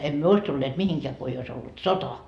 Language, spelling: Finnish, emme me olisi tulleet mihinkään kun ei olisi ollut sota
- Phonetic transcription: em "myö ois tulleet 'mihiŋkeä ko ei ois ollut "sota » .

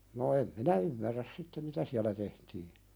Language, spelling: Finnish, no en minä ymmärrä sitten mitä siellä tehtiin
- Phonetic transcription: no em "minä ymmärräs 'sitte "mitä siälä tehtii .

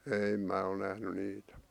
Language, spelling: Finnish, ei minä ole nähnyt niitä
- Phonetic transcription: 'ei mää ol nähny niitᴀ̈ .

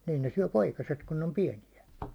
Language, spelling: Finnish, niin niin ne syö poikaset kun ne on pieniä
- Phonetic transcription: 'nii , niin ne 'syäₒ "poikaset kun ne om "piɛnijä .

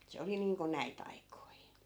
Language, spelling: Finnish, se oli niin kuin näitä aikoja
- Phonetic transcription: 'se oli niiŋko "näi't ‿aikoi .

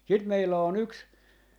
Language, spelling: Finnish, sitten meillä on yksi
- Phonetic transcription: 'sit 'meillä o'n ‿yks ,.

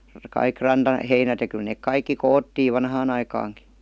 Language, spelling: Finnish, kaikki rantaheinät ja kyllä ne kaikki koottiin vanhaan aikaankin
- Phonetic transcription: 'kaik 'ranta'heinät ja kyl neek "kaikki "koottiiv 'vanhaan ‿aikaaŋki .

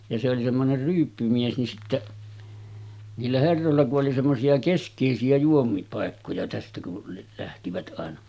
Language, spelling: Finnish, ja se oli semmoinen ryyppymies niin sitten niillä herroilla kun oli semmoisia keskeisiä juominkipaikkoja tästä kun lähtivät aina
- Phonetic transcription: ja se oli semmoner 'ryyppymies nin 'sitteˀ , 'niillä 'herrolla ku’ ’oli semmosi₍a 'kesk̆kèisi₍ä juomiŋkipàekkoja tästä ku , lähtivät ’àena .

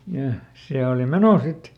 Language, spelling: Finnish, ja ja se oli menoa sitten
- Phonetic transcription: ja , ja , ˈse ooli "meno ˈsit .

